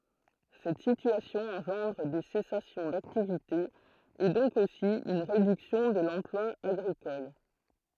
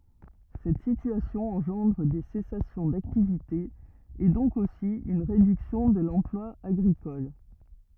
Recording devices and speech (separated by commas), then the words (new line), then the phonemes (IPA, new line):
throat microphone, rigid in-ear microphone, read sentence
Cette situation engendre des cessations d'activité et donc aussi une réduction de l'emploi agricole.
sɛt sityasjɔ̃ ɑ̃ʒɑ̃dʁ de sɛsasjɔ̃ daktivite e dɔ̃k osi yn ʁedyksjɔ̃ də lɑ̃plwa aɡʁikɔl